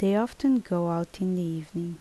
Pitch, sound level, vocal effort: 180 Hz, 76 dB SPL, soft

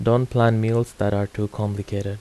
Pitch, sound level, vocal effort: 105 Hz, 81 dB SPL, soft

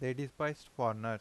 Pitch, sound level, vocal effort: 130 Hz, 88 dB SPL, normal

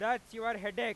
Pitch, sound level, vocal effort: 230 Hz, 106 dB SPL, very loud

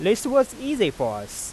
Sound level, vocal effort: 94 dB SPL, normal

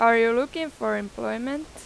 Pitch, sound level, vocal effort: 235 Hz, 93 dB SPL, loud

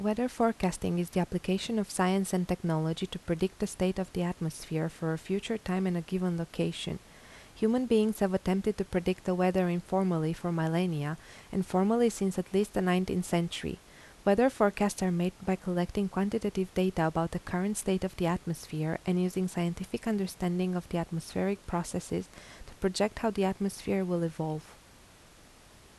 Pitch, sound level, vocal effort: 185 Hz, 80 dB SPL, soft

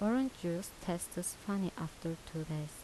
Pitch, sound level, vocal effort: 175 Hz, 77 dB SPL, soft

